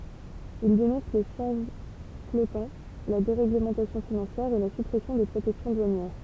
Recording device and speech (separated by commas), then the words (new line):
temple vibration pickup, read sentence
Il dénonce les changes flottants, la déréglementation financière, et la suppression des protections douanières.